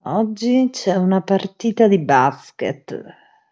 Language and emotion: Italian, disgusted